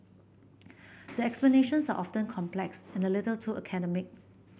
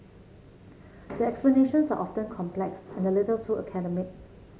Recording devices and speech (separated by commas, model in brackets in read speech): boundary microphone (BM630), mobile phone (Samsung C7), read sentence